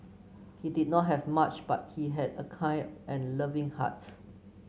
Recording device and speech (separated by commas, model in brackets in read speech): mobile phone (Samsung C9), read sentence